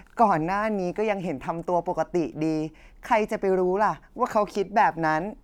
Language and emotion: Thai, neutral